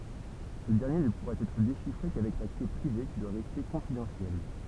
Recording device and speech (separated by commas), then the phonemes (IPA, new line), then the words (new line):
temple vibration pickup, read sentence
sə dɛʁnje nə puʁa ɛtʁ deʃifʁe kavɛk la kle pʁive ki dwa ʁɛste kɔ̃fidɑ̃sjɛl
Ce dernier ne pourra être déchiffré qu'avec la clé privée, qui doit rester confidentielle.